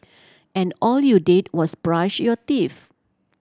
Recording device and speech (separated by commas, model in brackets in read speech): standing microphone (AKG C214), read sentence